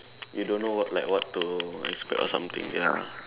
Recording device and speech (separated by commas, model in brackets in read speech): telephone, conversation in separate rooms